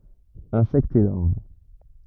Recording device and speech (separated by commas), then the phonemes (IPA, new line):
rigid in-ear microphone, read sentence
ɛ̃sɛktz e laʁv